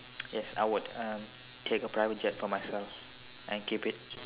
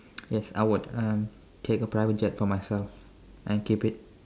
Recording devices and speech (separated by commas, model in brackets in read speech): telephone, standing microphone, conversation in separate rooms